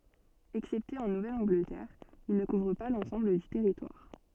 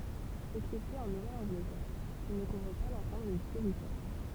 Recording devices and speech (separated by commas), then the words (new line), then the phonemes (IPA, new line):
soft in-ear microphone, temple vibration pickup, read sentence
Excepté en Nouvelle-Angleterre, il ne couvre pas l'ensemble du territoire.
ɛksɛpte ɑ̃ nuvɛl ɑ̃ɡlətɛʁ il nə kuvʁ pa lɑ̃sɑ̃bl dy tɛʁitwaʁ